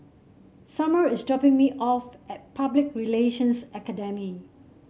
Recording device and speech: mobile phone (Samsung C7), read sentence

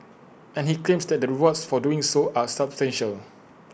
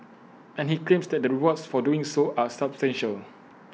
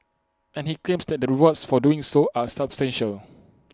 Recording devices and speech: boundary microphone (BM630), mobile phone (iPhone 6), close-talking microphone (WH20), read sentence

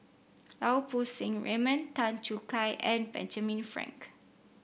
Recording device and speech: boundary microphone (BM630), read sentence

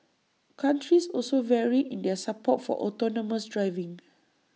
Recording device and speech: mobile phone (iPhone 6), read sentence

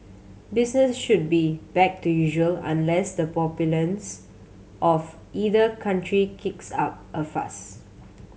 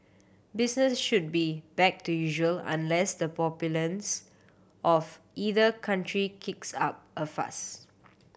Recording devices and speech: mobile phone (Samsung C7100), boundary microphone (BM630), read sentence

